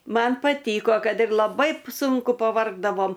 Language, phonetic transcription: Lithuanian, ˈman paˈtyko ˈkad ir laˈbai ˈsunku paˈvargdavom

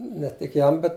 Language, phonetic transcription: Lithuanian, ne tik ˈjam ˈbet

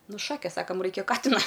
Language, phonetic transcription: Lithuanian, ˈnu ˈšakės ˈsakam ˈraikia ˈkatina

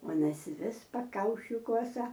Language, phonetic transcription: Lithuanian, ˈuonas ˈvis paˈkaušį ˈkuosa

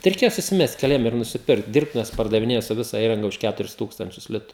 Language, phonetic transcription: Lithuanian, tai reiˈkėja susiˈmest keˈliem ir nusiˈpirkt ˈdyrbtuves pardaviˈnėja su ˈvisa ˈįranga už ˈkæturis ˈtūkstančius ˈlitu

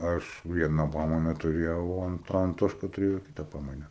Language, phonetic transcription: Lithuanian, ˈaš ˈviena ˈpamaina tuˈrėjau o ˈan anˈtoška tuˈrėjo ˈkita ˈpamaina

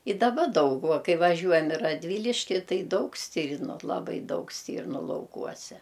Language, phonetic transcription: Lithuanian, i daˈba ˈdaug va ˈkai vaˈžiuojam i radˈvyliški ˈtai ˈdaug ˈstyrnu laˈbai ˈdaug ˈstyrnu lauˈkuose

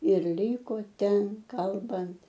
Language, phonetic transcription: Lithuanian, ir ˈlyko ˈten ˈkalbant

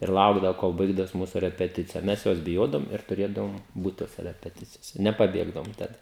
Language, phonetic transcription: Lithuanian, ir ˈlaukdavo kol ˈbaigdavos ˈmūsu repeˈticija ˈmes ˈjos biˈjodavom ir tuˈrėdavom ˈbūt ˈtose repeˈticijose nepaˈbėgdavom ˈtad

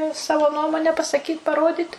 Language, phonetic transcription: Lithuanian, i ˈsavo ˈnuomone pasaˈkyt' paˈrodyt

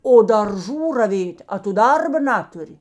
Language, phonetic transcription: Lithuanian, o darˈžų raˈvėt' a tu ˈdarba ˈnaturi

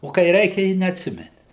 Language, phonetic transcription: Lithuanian, o kai ˈreikia i neatˈsimeni

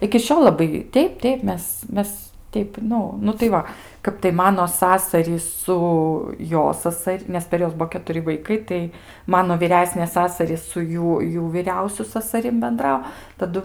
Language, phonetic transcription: Lithuanian, iki ˈšiol laˈbai ˈteip ˈteip ˈmes ˈmes ˈteip ˈnu nu tai ˈva ˈkap tai ˈmano ˈsasarys ˈsu ˈjo ˈsasar' nes per ˈjuos ˈbuo ketuˈri vaiˈkai tai ˈmano vyˈresnės ˈsasarys su ˈjų ˈjų vyˈriausiu sasaˈrim benˈdrau taˈdu

